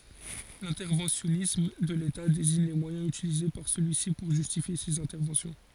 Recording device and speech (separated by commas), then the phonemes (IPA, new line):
forehead accelerometer, read sentence
lɛ̃tɛʁvɑ̃sjɔnism də leta deziɲ le mwajɛ̃z ytilize paʁ səlyi si puʁ ʒystifje sez ɛ̃tɛʁvɑ̃sjɔ̃